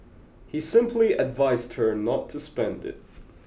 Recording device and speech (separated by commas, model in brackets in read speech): boundary microphone (BM630), read sentence